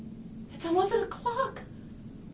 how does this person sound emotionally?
fearful